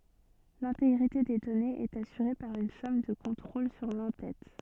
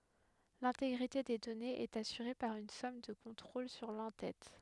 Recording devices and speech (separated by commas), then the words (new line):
soft in-ear microphone, headset microphone, read sentence
L'intégrité des données est assurée par une somme de contrôle sur l'en-tête.